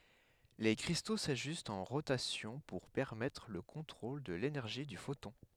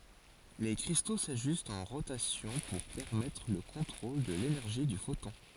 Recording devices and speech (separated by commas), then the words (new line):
headset microphone, forehead accelerometer, read sentence
Les cristaux s’ajustent en rotation pour permettre le contrôle de l’énergie du photon.